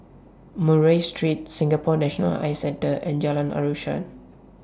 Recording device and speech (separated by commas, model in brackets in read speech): standing microphone (AKG C214), read sentence